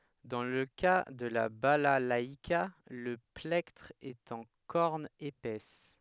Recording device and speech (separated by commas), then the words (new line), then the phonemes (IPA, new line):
headset microphone, read sentence
Dans le cas de la balalaïka, le plectre est en corne épaisse.
dɑ̃ lə ka də la balalaika lə plɛktʁ ɛt ɑ̃ kɔʁn epɛs